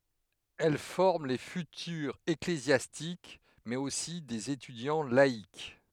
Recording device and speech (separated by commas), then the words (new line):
headset microphone, read sentence
Elles forment les futurs ecclésiastiques, mais aussi des étudiants laïcs.